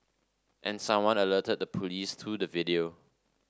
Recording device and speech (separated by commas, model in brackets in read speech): standing microphone (AKG C214), read sentence